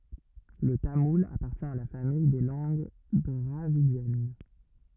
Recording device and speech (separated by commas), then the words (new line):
rigid in-ear microphone, read sentence
Le tamoul appartient à la famille des langues dravidiennes.